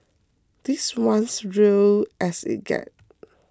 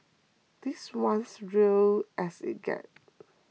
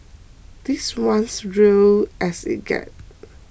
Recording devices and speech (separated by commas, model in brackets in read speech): close-talking microphone (WH20), mobile phone (iPhone 6), boundary microphone (BM630), read sentence